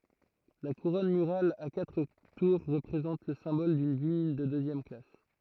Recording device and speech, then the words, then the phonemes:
throat microphone, read sentence
La couronne murale à quatre tours représente le symbole d'une ville de deuxième classe.
la kuʁɔn myʁal a katʁ tuʁ ʁəpʁezɑ̃t lə sɛ̃bɔl dyn vil də døzjɛm klas

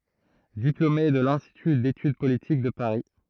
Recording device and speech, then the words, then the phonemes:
throat microphone, read sentence
Diplômé de l'Institut d'Études Politiques de Paris.
diplome də lɛ̃stity detyd politik də paʁi

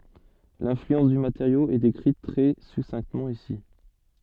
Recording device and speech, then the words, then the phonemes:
soft in-ear microphone, read sentence
L'influence du matériau est décrite très succinctement ici.
lɛ̃flyɑ̃s dy mateʁjo ɛ dekʁit tʁɛ sutʃinktəmɑ̃ isi

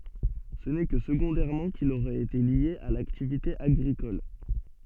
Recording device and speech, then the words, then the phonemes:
soft in-ear microphone, read sentence
Ce n'est que secondairement qu'il aurait été lié à l'activité agricole.
sə nɛ kə səɡɔ̃dɛʁmɑ̃ kil oʁɛt ete lje a laktivite aɡʁikɔl

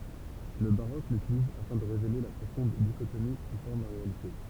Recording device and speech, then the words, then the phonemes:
temple vibration pickup, read sentence
Le baroque l'utilise afin de révéler la profonde dichotomie qui forme la réalité.
lə baʁok lytiliz afɛ̃ də ʁevele la pʁofɔ̃d diʃotomi ki fɔʁm la ʁealite

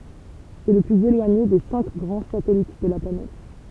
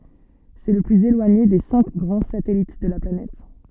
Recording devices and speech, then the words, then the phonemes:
temple vibration pickup, soft in-ear microphone, read sentence
C'est le plus éloigné des cinq grands satellites de la planète.
sɛ lə plyz elwaɲe de sɛ̃k ɡʁɑ̃ satɛlit də la planɛt

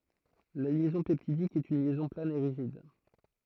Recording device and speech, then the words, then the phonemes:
throat microphone, read sentence
La liaison peptidique est une liaison plane et rigide.
la ljɛzɔ̃ pɛptidik ɛt yn ljɛzɔ̃ plan e ʁiʒid

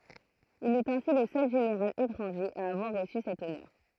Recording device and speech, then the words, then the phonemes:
throat microphone, read sentence
Il est ainsi le seul général étranger à avoir reçu cet honneur.
il ɛt ɛ̃si lə sœl ʒeneʁal etʁɑ̃ʒe a avwaʁ ʁəsy sɛt ɔnœʁ

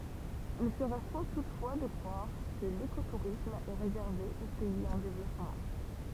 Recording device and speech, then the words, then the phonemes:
temple vibration pickup, read sentence
Il serait faux toutefois de croire que l'écotourisme est réservé aux pays en développement.
il səʁɛ fo tutfwa də kʁwaʁ kə lekotuʁism ɛ ʁezɛʁve o pɛiz ɑ̃ devlɔpmɑ̃

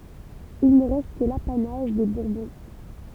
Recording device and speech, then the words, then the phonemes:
temple vibration pickup, read sentence
Il ne reste que l'apanage des Bourbons.
il nə ʁɛst kə lapanaʒ de buʁbɔ̃

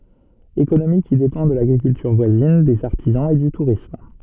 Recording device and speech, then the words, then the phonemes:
soft in-ear microphone, read sentence
Économie qui dépend de l'agriculture voisine, des artisans, et du tourisme.
ekonomi ki depɑ̃ də laɡʁikyltyʁ vwazin dez aʁtizɑ̃z e dy tuʁism

